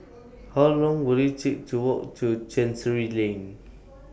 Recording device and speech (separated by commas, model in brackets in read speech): boundary microphone (BM630), read sentence